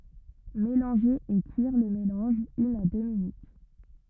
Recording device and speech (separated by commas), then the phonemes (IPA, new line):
rigid in-ear microphone, read sentence
melɑ̃ʒe e kyiʁ lə melɑ̃ʒ yn a dø minyt